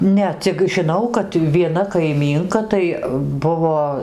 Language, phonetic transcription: Lithuanian, ˈne cik žiˈnau kad vieˈna kaiˈmynka tai ˈbuvo

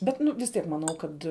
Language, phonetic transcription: Lithuanian, ˈbet ˈnu vis ˈtiek maˈnau ˈkad

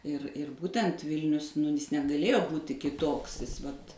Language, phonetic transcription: Lithuanian, ir ir ˈbūtent ˈvilnius nu ˈjis negaˈlėjo ˈbūti kiˈtoks ˈvat

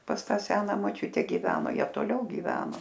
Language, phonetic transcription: Lithuanian, pas ˈtą ˈsena moˈčiute giˈveno ˈjie toˈliau gyˈveno

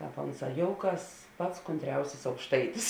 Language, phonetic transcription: Lithuanian, ˈkāp ˈonˌsā ˈjouˌkas ˈpats kunˈtriausis aukšˈtaitis

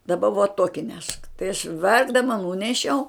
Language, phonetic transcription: Lithuanian, daˈba vuo ˈtuoki nešk tai aš ˈverkdama ˈnūnešiau

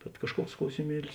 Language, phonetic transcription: Lithuanian, bet kažˈkuoks klausiˈmielis

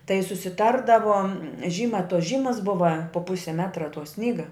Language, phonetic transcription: Lithuanian, tai susiˈtardavo ˈžyma tos ˈžymas ˈbuva po ˈpusi ˈmetra to ˈsnyga

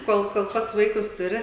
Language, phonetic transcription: Lithuanian, ˈkol kol ˈpats ˈvaikus tuˈri

